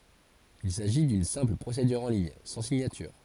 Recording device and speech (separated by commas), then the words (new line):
forehead accelerometer, read sentence
Il s'agit d'une simple procédure en ligne, sans signature.